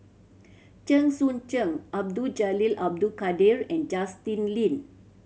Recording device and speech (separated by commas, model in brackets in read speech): mobile phone (Samsung C7100), read sentence